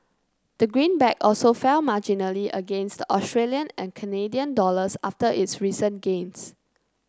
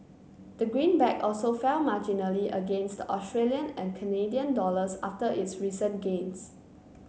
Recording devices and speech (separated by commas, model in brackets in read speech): close-talking microphone (WH30), mobile phone (Samsung C9), read sentence